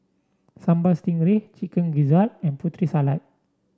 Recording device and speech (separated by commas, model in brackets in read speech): standing microphone (AKG C214), read sentence